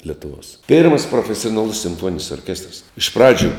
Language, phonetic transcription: Lithuanian, letuˈvos ˈpėrmas profesionaˈlus simˈfuoninis orˈkestras iš ˈpradžiu

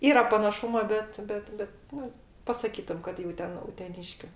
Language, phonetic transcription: Lithuanian, ˈyra panaˈšumo ˈbet ˈbet ˈbet ˈnu pasaˈkytum kad jau ˈten uteˈniškiu

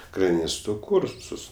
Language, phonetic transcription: Lithuanian, kraˈnisto ˈkursus

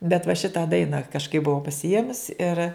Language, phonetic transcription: Lithuanian, bet va ˈšitą ˈdaina kažˈkaip buˈvau pasiˈėmus ir

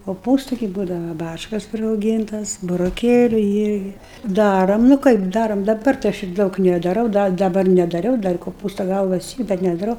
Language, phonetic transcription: Lithuanian, koˈpūstu gi ˈbūdava ˈbačkas prirauˈgyntas buroˈkėliu ˈirgi ˈdarom nu ˈkaip ˈdarom daˈbar tai ˈaš ir ˈdaug nedaˈrau ˈda daˈbar nedaˈriau ˈdar koˈpūsta ˈgalvas ˈy ˈbet nedaˈrau

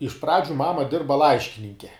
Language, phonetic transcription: Lithuanian, iš ˈpradžiu ˈmama ˈdirba ˈlaiškininke

